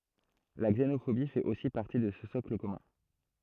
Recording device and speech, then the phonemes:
throat microphone, read sentence
la ɡzenofobi fɛt osi paʁti də sə sɔkl kɔmœ̃

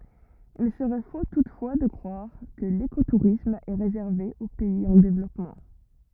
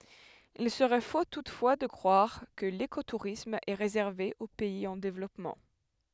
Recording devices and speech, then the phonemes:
rigid in-ear microphone, headset microphone, read sentence
il səʁɛ fo tutfwa də kʁwaʁ kə lekotuʁism ɛ ʁezɛʁve o pɛiz ɑ̃ devlɔpmɑ̃

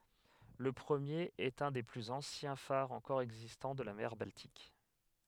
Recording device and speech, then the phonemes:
headset microphone, read sentence
lə pʁəmjeʁ ɛt œ̃ de plyz ɑ̃sjɛ̃ faʁz ɑ̃kɔʁ ɛɡzistɑ̃ də la mɛʁ baltik

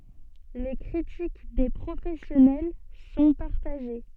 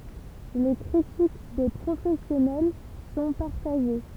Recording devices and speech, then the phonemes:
soft in-ear microphone, temple vibration pickup, read sentence
le kʁitik de pʁofɛsjɔnɛl sɔ̃ paʁtaʒe

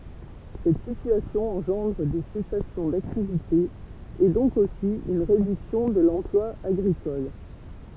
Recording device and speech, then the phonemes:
temple vibration pickup, read sentence
sɛt sityasjɔ̃ ɑ̃ʒɑ̃dʁ de sɛsasjɔ̃ daktivite e dɔ̃k osi yn ʁedyksjɔ̃ də lɑ̃plwa aɡʁikɔl

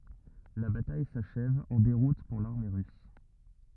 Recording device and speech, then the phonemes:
rigid in-ear microphone, read sentence
la bataj saʃɛv ɑ̃ deʁut puʁ laʁme ʁys

